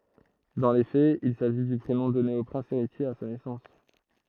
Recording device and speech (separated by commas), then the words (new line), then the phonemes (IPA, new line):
throat microphone, read sentence
Dans les faits, il s'agit du prénom donné au prince héritier à sa naissance.
dɑ̃ le fɛz il saʒi dy pʁenɔ̃ dɔne o pʁɛ̃s eʁitje a sa nɛsɑ̃s